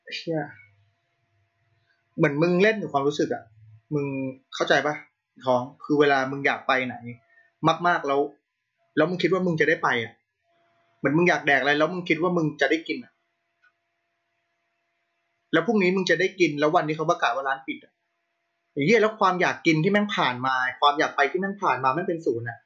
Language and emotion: Thai, frustrated